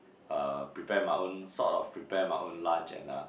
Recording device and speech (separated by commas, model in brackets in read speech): boundary microphone, conversation in the same room